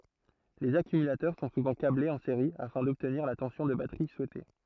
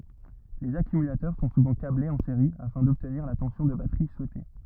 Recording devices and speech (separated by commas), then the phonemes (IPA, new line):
throat microphone, rigid in-ear microphone, read sentence
lez akymylatœʁ sɔ̃ suvɑ̃ kablez ɑ̃ seʁi afɛ̃ dɔbtniʁ la tɑ̃sjɔ̃ də batʁi suɛte